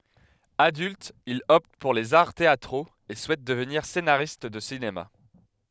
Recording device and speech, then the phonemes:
headset microphone, read sentence
adylt il ɔpt puʁ lez aʁ teatʁoz e suɛt dəvniʁ senaʁist də sinema

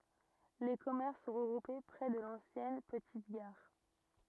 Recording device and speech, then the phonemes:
rigid in-ear microphone, read sentence
le kɔmɛʁs sɔ̃ ʁəɡʁupe pʁɛ də lɑ̃sjɛn pətit ɡaʁ

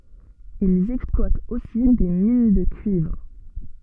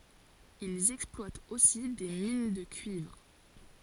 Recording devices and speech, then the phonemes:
soft in-ear microphone, forehead accelerometer, read sentence
ilz ɛksplwatt osi de min də kyivʁ

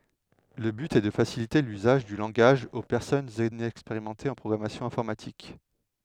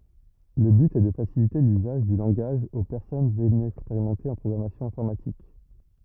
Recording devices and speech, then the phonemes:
headset microphone, rigid in-ear microphone, read sentence
lə byt ɛ də fasilite lyzaʒ dy lɑ̃ɡaʒ o pɛʁsɔnz inɛkspeʁimɑ̃tez ɑ̃ pʁɔɡʁamasjɔ̃ ɛ̃fɔʁmatik

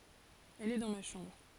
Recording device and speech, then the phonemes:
forehead accelerometer, read sentence
ɛl ɛ dɑ̃ ma ʃɑ̃bʁ

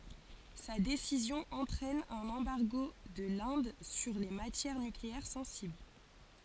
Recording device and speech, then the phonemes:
forehead accelerometer, read sentence
sa desizjɔ̃ ɑ̃tʁɛn œ̃n ɑ̃baʁɡo də lɛ̃d syʁ le matjɛʁ nykleɛʁ sɑ̃sibl

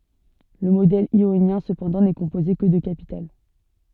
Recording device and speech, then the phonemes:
soft in-ear microphone, read sentence
lə modɛl jonjɛ̃ səpɑ̃dɑ̃ nɛ kɔ̃poze kə də kapital

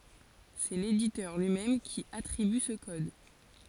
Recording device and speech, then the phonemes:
forehead accelerometer, read sentence
sɛ leditœʁ lyi mɛm ki atʁiby sə kɔd

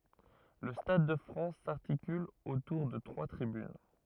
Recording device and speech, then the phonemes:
rigid in-ear microphone, read sentence
lə stad də fʁɑ̃s saʁtikyl otuʁ də tʁwa tʁibyn

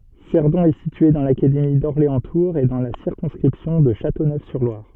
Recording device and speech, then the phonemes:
soft in-ear microphone, read sentence
sɛʁdɔ̃ ɛ sitye dɑ̃ lakademi dɔʁleɑ̃stuʁz e dɑ̃ la siʁkɔ̃skʁipsjɔ̃ də ʃatonøfsyʁlwaʁ

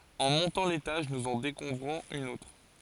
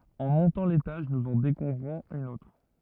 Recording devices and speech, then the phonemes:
forehead accelerometer, rigid in-ear microphone, read sentence
ɑ̃ mɔ̃tɑ̃ letaʒ nuz ɑ̃ dekuvʁɔ̃z yn otʁ

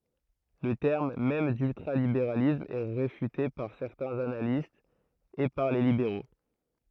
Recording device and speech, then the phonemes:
throat microphone, read sentence
lə tɛʁm mɛm dyltʁalibeʁalism ɛ ʁefyte paʁ sɛʁtɛ̃z analistz e paʁ le libeʁo

